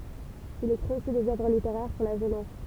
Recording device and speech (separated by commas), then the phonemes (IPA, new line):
temple vibration pickup, read sentence
il ekʁit osi dez œvʁ liteʁɛʁ puʁ la ʒønɛs